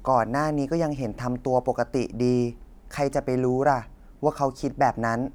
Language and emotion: Thai, neutral